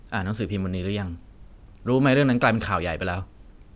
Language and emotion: Thai, neutral